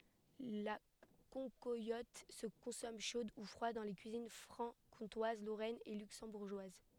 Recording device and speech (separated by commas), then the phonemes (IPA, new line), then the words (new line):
headset microphone, read sentence
la kɑ̃kwalɔt sə kɔ̃sɔm ʃod u fʁwad dɑ̃ le kyizin fʁɑ̃kɔ̃twaz loʁɛn e lyksɑ̃buʁʒwaz
La cancoillotte se consomme chaude ou froide dans les cuisines franc-comtoise, lorraine, et luxembourgeoise.